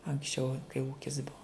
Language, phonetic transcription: Lithuanian, anksˈčiau kai ˈūkis ˈbuo

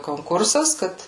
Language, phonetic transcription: Lithuanian, konˈkursas ˈkad

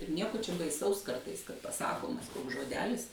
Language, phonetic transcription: Lithuanian, ir ˈnieko čia baiˈsaus ˈkartais paˈsakomas ˈkoks žoˈdelis

